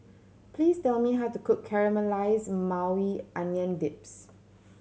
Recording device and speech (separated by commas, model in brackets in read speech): mobile phone (Samsung C7100), read sentence